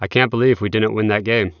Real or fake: real